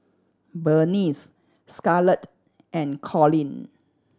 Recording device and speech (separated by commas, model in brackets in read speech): standing microphone (AKG C214), read sentence